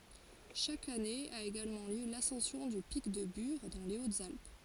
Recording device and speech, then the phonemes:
forehead accelerometer, read sentence
ʃak ane a eɡalmɑ̃ ljø lasɑ̃sjɔ̃ dy pik də byʁ dɑ̃ le otzalp

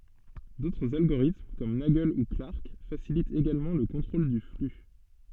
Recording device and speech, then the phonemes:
soft in-ear microphone, read sentence
dotʁz alɡoʁitm kɔm naɡl u klaʁk fasilitt eɡalmɑ̃ lə kɔ̃tʁol dy fly

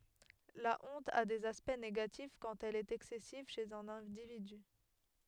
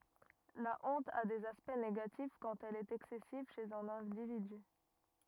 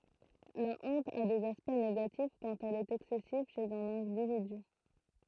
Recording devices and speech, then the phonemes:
headset microphone, rigid in-ear microphone, throat microphone, read sentence
la ɔ̃t a dez aspɛkt neɡatif kɑ̃t ɛl ɛt ɛksɛsiv ʃez œ̃n ɛ̃dividy

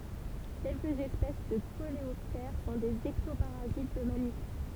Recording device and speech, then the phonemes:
temple vibration pickup, read sentence
kɛlkəz ɛspɛs də koleɔptɛʁ sɔ̃ dez ɛktopaʁazit də mamifɛʁ

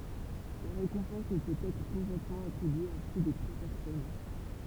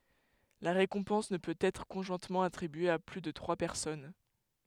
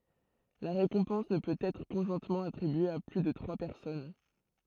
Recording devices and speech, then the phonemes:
temple vibration pickup, headset microphone, throat microphone, read sentence
la ʁekɔ̃pɑ̃s nə pøt ɛtʁ kɔ̃ʒwɛ̃tmɑ̃ atʁibye a ply də tʁwa pɛʁsɔn

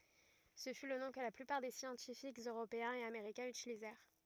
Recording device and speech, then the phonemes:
rigid in-ear microphone, read sentence
sə fy lə nɔ̃ kə la plypaʁ de sjɑ̃tifikz øʁopeɛ̃z e ameʁikɛ̃z ytilizɛʁ

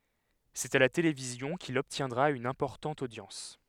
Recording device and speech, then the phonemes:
headset microphone, read sentence
sɛt a la televizjɔ̃ kil ɔbtjɛ̃dʁa yn ɛ̃pɔʁtɑ̃t odjɑ̃s

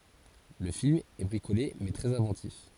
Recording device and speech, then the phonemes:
forehead accelerometer, read sentence
lə film ɛ bʁikole mɛ tʁɛz ɛ̃vɑ̃tif

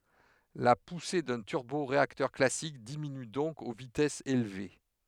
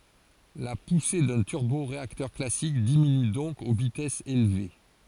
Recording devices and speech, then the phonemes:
headset microphone, forehead accelerometer, read sentence
la puse dœ̃ tyʁboʁeaktœʁ klasik diminy dɔ̃k o vitɛsz elve

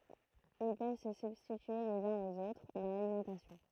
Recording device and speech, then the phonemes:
throat microphone, read sentence
il pøv sə sybstitye lez œ̃z oz otʁ dɑ̃ lalimɑ̃tasjɔ̃

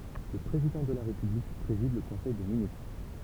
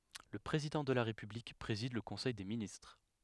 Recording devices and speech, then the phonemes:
temple vibration pickup, headset microphone, read sentence
lə pʁezidɑ̃ də la ʁepyblik pʁezid lə kɔ̃sɛj de ministʁ

